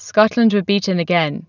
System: none